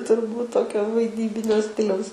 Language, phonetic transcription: Lithuanian, turˈbūt ˈtokio vaiˈdybinio ˈstiliaus

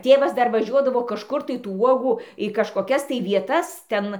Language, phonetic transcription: Lithuanian, ˈtėvas ˈdar vaˈžiuodavo kažˈkur tai tų ˈuogų į kažkoˈkias tai vieˈtas ˈten

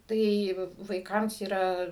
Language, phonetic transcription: Lithuanian, ˈtai vaiˈkams yˈra

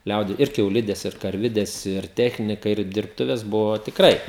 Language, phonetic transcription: Lithuanian, ˈliaudi ir kiauˈlides ir karˈvides ir ˈtechnika ir dirbˈtuves ˈbuvo tikˈrai

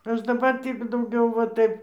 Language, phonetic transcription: Lithuanian, ˈaš daˈbar ˈtį dauˈgiau va ˈtaip

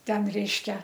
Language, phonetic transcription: Lithuanian, ˈten ˈreiškia

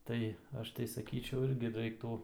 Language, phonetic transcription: Lithuanian, ˈtai ˈaš tai saˈkyčiau ˈirgi ˈraiktų

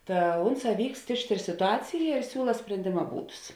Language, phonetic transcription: Lithuanian, ˈta ˈunˌsā ˈvykst ˈišˌtėr situˈacija ir ˈsiūla sprenˈdėma ˈbūdus

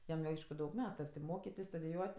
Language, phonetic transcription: Lithuanian, ˈjam jau ˈaišku ˈdaug ˈmetu a ti ˈmokitis studiˈjuot'

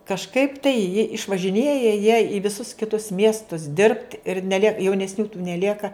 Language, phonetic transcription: Lithuanian, kažˈkaip tai ji išvažiˈnėja jie i viˈsus kiˈtus ˈmiestus dirbt ir neˈliek jaunesˈnių tų neˈlieka

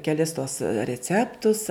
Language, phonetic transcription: Lithuanian, keˈlis tuos reˈceptus

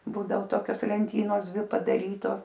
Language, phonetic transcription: Lithuanian, ˈbūdao ˈtokios lenˈtynos ˈdvi padaˈrytos

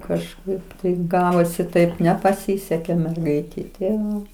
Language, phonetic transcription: Lithuanian, kažˈkaip taip ˈgavosi ˈtaip nepaˈsisekė merˈgaitei ti ˈva

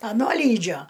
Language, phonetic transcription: Lithuanian, aˈno ˈlydžio

